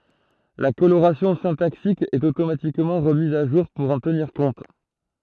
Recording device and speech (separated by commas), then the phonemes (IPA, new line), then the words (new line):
throat microphone, read sentence
la koloʁasjɔ̃ sɛ̃taksik ɛt otomatikmɑ̃ ʁəmiz a ʒuʁ puʁ ɑ̃ təniʁ kɔ̃t
La coloration syntaxique est automatiquement remise à jour pour en tenir compte.